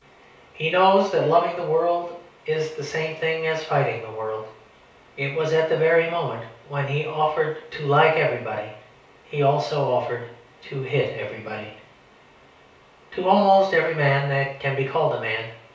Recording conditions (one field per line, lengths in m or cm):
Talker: one person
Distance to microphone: 3.0 m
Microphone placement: far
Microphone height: 1.8 m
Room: small (3.7 m by 2.7 m)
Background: none